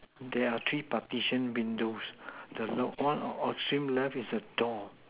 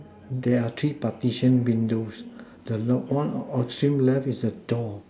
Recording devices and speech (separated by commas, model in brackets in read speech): telephone, standing microphone, conversation in separate rooms